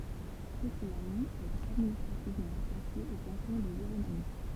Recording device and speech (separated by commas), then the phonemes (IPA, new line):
temple vibration pickup, read sentence
pətitmaɲi ɛt administʁativmɑ̃ ʁataʃe o kɑ̃tɔ̃ də ʒiʁomaɲi